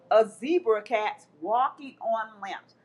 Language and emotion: English, disgusted